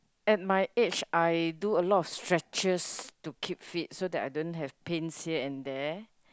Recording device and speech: close-talking microphone, conversation in the same room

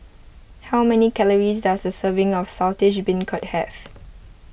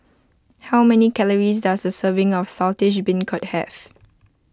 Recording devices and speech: boundary microphone (BM630), close-talking microphone (WH20), read sentence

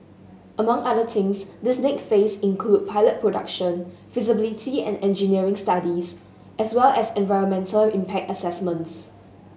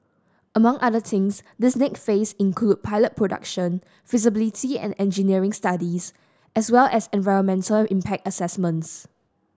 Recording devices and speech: mobile phone (Samsung S8), standing microphone (AKG C214), read sentence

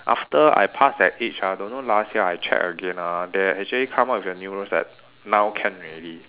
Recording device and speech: telephone, conversation in separate rooms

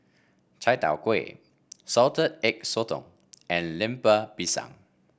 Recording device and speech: boundary microphone (BM630), read sentence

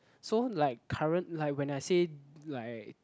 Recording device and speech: close-talking microphone, conversation in the same room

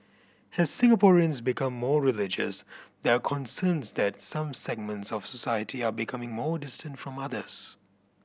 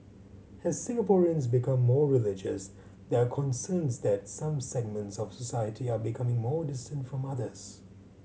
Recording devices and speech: boundary microphone (BM630), mobile phone (Samsung C7100), read sentence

